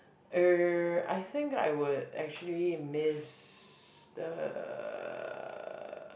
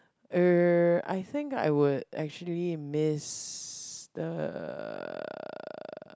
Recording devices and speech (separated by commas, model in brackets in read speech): boundary microphone, close-talking microphone, conversation in the same room